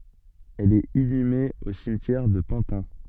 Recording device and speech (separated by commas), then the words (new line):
soft in-ear microphone, read sentence
Elle est inhumée au cimetière de Pantin.